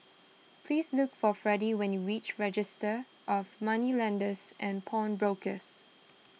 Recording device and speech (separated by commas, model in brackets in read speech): mobile phone (iPhone 6), read sentence